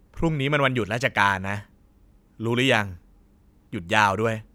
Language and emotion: Thai, neutral